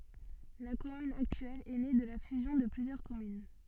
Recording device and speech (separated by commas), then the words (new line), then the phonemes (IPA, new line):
soft in-ear microphone, read sentence
La commune actuelle est née de la fusion de plusieurs communes.
la kɔmyn aktyɛl ɛ ne də la fyzjɔ̃ də plyzjœʁ kɔmyn